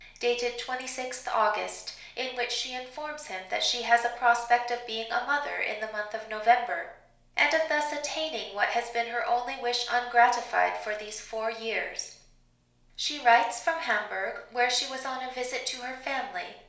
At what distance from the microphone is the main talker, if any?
1.0 m.